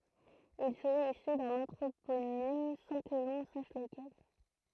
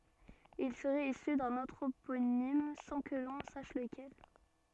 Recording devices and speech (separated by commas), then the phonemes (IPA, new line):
throat microphone, soft in-ear microphone, read sentence
il səʁɛt isy dœ̃n ɑ̃tʁoponim sɑ̃ kə lɔ̃ saʃ ləkɛl